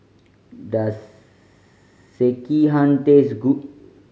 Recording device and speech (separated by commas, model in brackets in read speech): mobile phone (Samsung C5010), read sentence